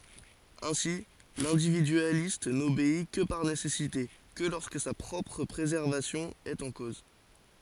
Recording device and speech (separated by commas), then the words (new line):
forehead accelerometer, read sentence
Ainsi, l'individualiste n'obéit que par nécessité, que lorsque sa propre préservation est en cause.